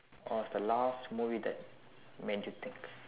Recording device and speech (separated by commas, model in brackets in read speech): telephone, conversation in separate rooms